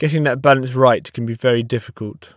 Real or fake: real